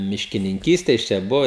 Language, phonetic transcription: Lithuanian, miškininˈkyste ˈjis čia ˈbuvo

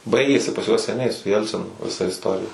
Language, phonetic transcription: Lithuanian, ˈbaigėsi pas juos seˈniai su ˈjelcinu viˈsa isˈtorija

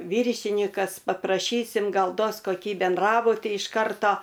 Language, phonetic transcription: Lithuanian, ˈvyršinikas papraˈšysim ˈgal ˈduos koˈkį benˈdrabutį iš ˈkarto

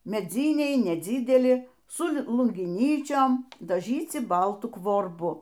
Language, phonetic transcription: Lithuanian, meˈdzyniai nedzydeˈli su lungiˈnyčiom daˈžyci ˈbaltu kvorˈbu

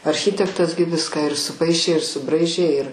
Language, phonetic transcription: Lithuanian, arˈchitektas gi ˈviską ir suˈpaišė ir suˈbraižė ir

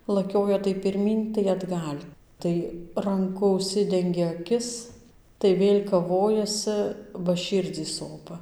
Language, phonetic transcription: Lithuanian, laˈkioja tai pirˈmyn tai atˈgal' ˈtai ranˈku užˈsidengia aˈkis tai ˈvėl' kaˈvojasɨ ba ˈšyrdzį ˈsopa

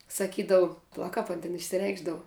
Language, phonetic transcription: Lithuanian, saˈkydavu paˈla ˈkap an tin išsiˈreikšdavu

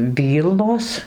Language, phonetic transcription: Lithuanian, ˈvylnos

